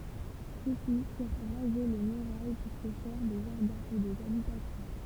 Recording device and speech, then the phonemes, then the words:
temple vibration pickup, read sentence
sø si fiʁ ʁaze le myʁaj puʁ sə fɛʁ de ʒaʁdɛ̃ u dez abitasjɔ̃
Ceux-ci firent raser les murailles pour se faire des jardins ou des habitations.

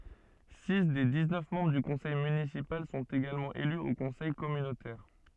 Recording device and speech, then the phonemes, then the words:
soft in-ear microphone, read sentence
si de diksnœf mɑ̃bʁ dy kɔ̃sɛj mynisipal sɔ̃t eɡalmɑ̃ ely o kɔ̃sɛj kɔmynotɛʁ
Six des dix-neuf membres du conseil municipal sont également élus au conseil communautaire.

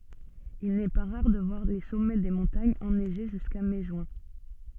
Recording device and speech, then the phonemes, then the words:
soft in-ear microphone, read sentence
il nɛ pa ʁaʁ də vwaʁ le sɔmɛ de mɔ̃taɲz ɛnɛʒe ʒyska mɛ ʒyɛ̃
Il n'est pas rare de voir les sommets des montagnes enneigés jusqu'à mai-juin.

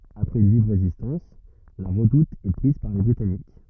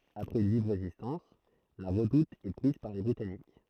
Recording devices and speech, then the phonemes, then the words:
rigid in-ear microphone, throat microphone, read sentence
apʁɛz yn viv ʁezistɑ̃s la ʁədut ɛ pʁiz paʁ le bʁitanik
Après une vive résistance, la redoute est prise par les Britanniques.

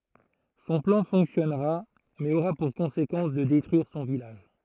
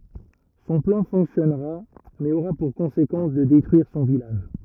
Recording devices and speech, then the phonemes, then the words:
throat microphone, rigid in-ear microphone, read sentence
sɔ̃ plɑ̃ fɔ̃ksjɔnʁa mɛz oʁa puʁ kɔ̃sekɑ̃s də detʁyiʁ sɔ̃ vilaʒ
Son plan fonctionnera, mais aura pour conséquence de détruire son village.

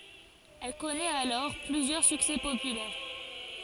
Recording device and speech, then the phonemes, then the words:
forehead accelerometer, read sentence
ɛl kɔnɛt alɔʁ plyzjœʁ syksɛ popylɛʁ
Elle connaît alors plusieurs succès populaires.

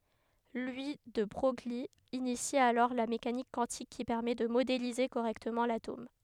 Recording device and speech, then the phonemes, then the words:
headset microphone, read sentence
lwi də bʁœj yi inisi alɔʁ la mekanik kwɑ̃tik ki pɛʁmɛ də modelize koʁɛktəmɑ̃ latom
Louis de Broglie initie alors la mécanique quantique qui permet de modéliser correctement l'atome.

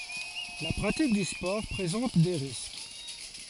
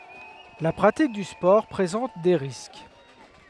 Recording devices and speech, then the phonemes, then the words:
forehead accelerometer, headset microphone, read sentence
la pʁatik dy spɔʁ pʁezɑ̃t de ʁisk
La pratique du sport présente des risques.

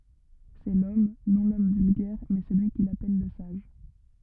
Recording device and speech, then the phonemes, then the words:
rigid in-ear microphone, read sentence
sɛ lɔm nɔ̃ lɔm vylɡɛʁ mɛ səlyi kil apɛl lə saʒ
C'est l'homme, non l'homme vulgaire, mais celui qu'il appelle le sage.

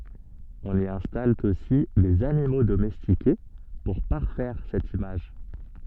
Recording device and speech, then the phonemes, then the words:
soft in-ear microphone, read sentence
ɔ̃n i ɛ̃stal osi dez animo domɛstike puʁ paʁfɛʁ sɛt imaʒ
On y installe aussi des animaux domestiqués pour parfaire cette image.

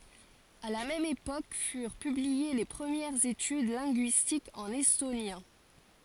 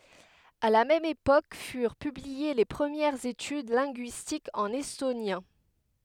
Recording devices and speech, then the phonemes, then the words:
forehead accelerometer, headset microphone, read sentence
a la mɛm epok fyʁ pyblie le pʁəmjɛʁz etyd lɛ̃ɡyistikz ɑ̃n ɛstonjɛ̃
À la même époque furent publiées les premières études linguistiques en estonien.

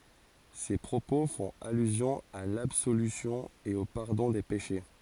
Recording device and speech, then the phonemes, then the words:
forehead accelerometer, read sentence
se pʁopo fɔ̃t alyzjɔ̃ a labsolysjɔ̃ e o paʁdɔ̃ de peʃe
Ces propos font allusion à l'absolution et au pardon des péchés.

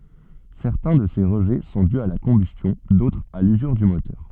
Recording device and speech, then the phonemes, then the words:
soft in-ear microphone, read sentence
sɛʁtɛ̃ də se ʁəʒɛ sɔ̃ dy a la kɔ̃bystjɔ̃ dotʁz a lyzyʁ dy motœʁ
Certains de ces rejets sont dus à la combustion, d'autres à l'usure du moteur.

